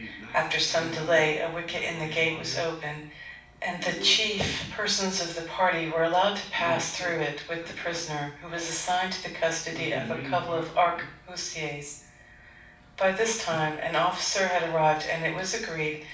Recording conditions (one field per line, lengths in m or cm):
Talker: one person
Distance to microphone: 5.8 m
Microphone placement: far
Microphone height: 1.8 m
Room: medium-sized (5.7 m by 4.0 m)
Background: television